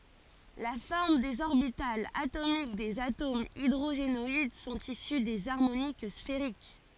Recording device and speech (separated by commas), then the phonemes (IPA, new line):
forehead accelerometer, read sentence
la fɔʁm dez ɔʁbitalz atomik dez atomz idʁoʒenɔid sɔ̃t isy dez aʁmonik sfeʁik